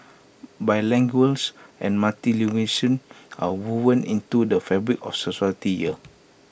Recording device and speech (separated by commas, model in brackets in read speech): boundary microphone (BM630), read sentence